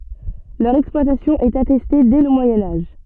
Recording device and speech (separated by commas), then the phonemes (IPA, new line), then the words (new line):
soft in-ear microphone, read sentence
lœʁ ɛksplwatasjɔ̃ ɛt atɛste dɛ lə mwajɛ̃ aʒ
Leur exploitation est attestée dès le Moyen Âge.